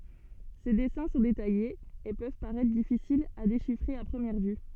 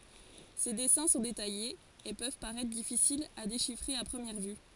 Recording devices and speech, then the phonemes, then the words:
soft in-ear microphone, forehead accelerometer, read sentence
se dɛsɛ̃ sɔ̃ detajez e pøv paʁɛtʁ difisilz a deʃifʁe a pʁəmjɛʁ vy
Ses dessins sont détaillés, et peuvent paraitre difficiles à déchiffrer à première vue.

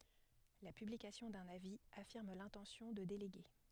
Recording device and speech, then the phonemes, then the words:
headset microphone, read sentence
la pyblikasjɔ̃ dœ̃n avi afiʁm lɛ̃tɑ̃sjɔ̃ də deleɡe
La publication d'un avis affirme l’intention de déléguer.

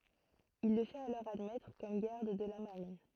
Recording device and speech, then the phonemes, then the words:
throat microphone, read sentence
il lə fɛt alɔʁ admɛtʁ kɔm ɡaʁd də la maʁin
Il le fait alors admettre comme garde de la Marine.

